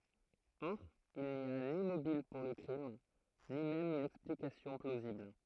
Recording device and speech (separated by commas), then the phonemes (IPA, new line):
throat microphone, read sentence
ɔʁ il ni a ni mobil puʁ lə kʁim ni mɛm yn ɛksplikasjɔ̃ plozibl